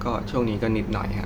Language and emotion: Thai, frustrated